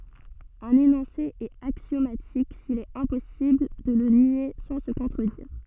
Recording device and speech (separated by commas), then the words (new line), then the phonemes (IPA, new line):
soft in-ear microphone, read sentence
Un énoncé est axiomatique s'il est impossible de le nier sans se contredire.
œ̃n enɔ̃se ɛt aksjomatik sil ɛt ɛ̃pɔsibl də lə nje sɑ̃ sə kɔ̃tʁədiʁ